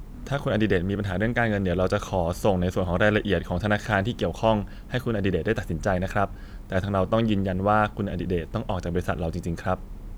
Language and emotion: Thai, neutral